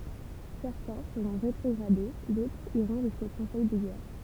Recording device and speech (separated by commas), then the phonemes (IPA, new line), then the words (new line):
temple vibration pickup, read sentence
sɛʁtɛ̃ səʁɔ̃ ʁetʁɔɡʁade dotʁz iʁɔ̃ ʒysko kɔ̃sɛj də ɡɛʁ
Certains seront rétrogradés, d'autres iront jusqu'au conseil de guerre.